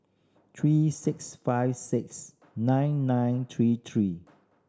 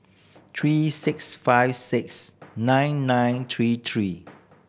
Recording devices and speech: standing microphone (AKG C214), boundary microphone (BM630), read sentence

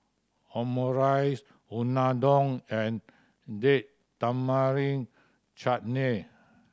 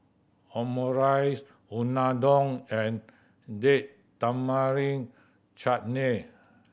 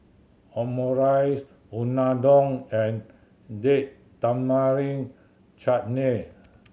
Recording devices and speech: standing microphone (AKG C214), boundary microphone (BM630), mobile phone (Samsung C7100), read sentence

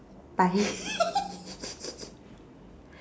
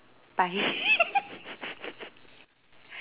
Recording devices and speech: standing microphone, telephone, conversation in separate rooms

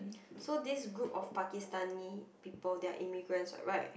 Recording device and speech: boundary microphone, conversation in the same room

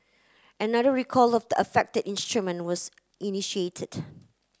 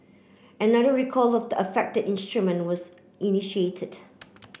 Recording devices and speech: close-talking microphone (WH30), boundary microphone (BM630), read sentence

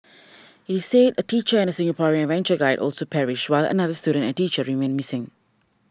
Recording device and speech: standing microphone (AKG C214), read sentence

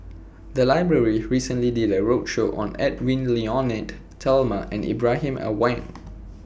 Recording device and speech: boundary microphone (BM630), read sentence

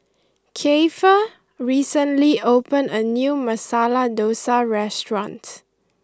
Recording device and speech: close-talking microphone (WH20), read sentence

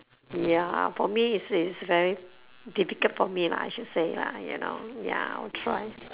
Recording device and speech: telephone, conversation in separate rooms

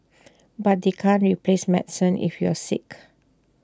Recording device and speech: standing microphone (AKG C214), read sentence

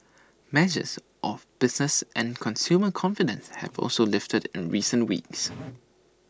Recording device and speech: standing microphone (AKG C214), read sentence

